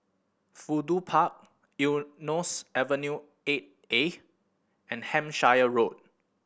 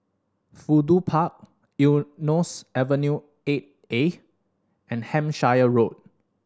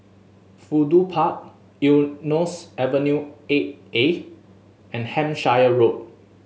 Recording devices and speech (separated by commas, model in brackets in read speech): boundary microphone (BM630), standing microphone (AKG C214), mobile phone (Samsung S8), read sentence